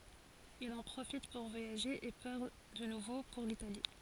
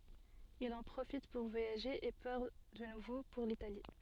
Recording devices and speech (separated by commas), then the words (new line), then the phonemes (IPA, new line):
forehead accelerometer, soft in-ear microphone, read sentence
Il en profite pour voyager et part de nouveau pour l'Italie.
il ɑ̃ pʁofit puʁ vwajaʒe e paʁ də nuvo puʁ litali